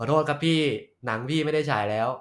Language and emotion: Thai, neutral